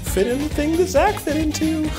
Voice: in a sing-song voice